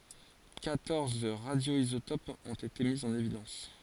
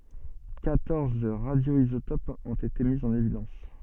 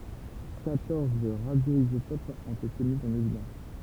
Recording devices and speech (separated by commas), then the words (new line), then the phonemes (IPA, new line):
forehead accelerometer, soft in-ear microphone, temple vibration pickup, read sentence
Quatorze radioisotopes ont été mis en évidence.
kwatɔʁz ʁadjoizotopz ɔ̃t ete mi ɑ̃n evidɑ̃s